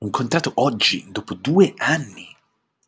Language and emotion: Italian, surprised